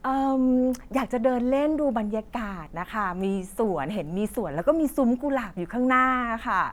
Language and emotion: Thai, happy